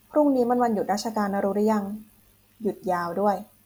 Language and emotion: Thai, neutral